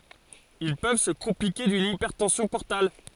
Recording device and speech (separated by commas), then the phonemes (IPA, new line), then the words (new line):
forehead accelerometer, read sentence
il pøv sə kɔ̃plike dyn ipɛʁtɑ̃sjɔ̃ pɔʁtal
Ils peuvent se compliquer d'une hypertension portale.